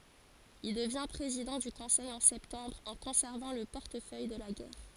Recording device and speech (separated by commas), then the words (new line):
forehead accelerometer, read sentence
Il devient président du Conseil en septembre en conservant le portefeuille de la Guerre.